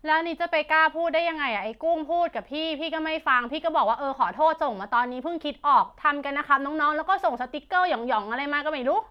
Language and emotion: Thai, frustrated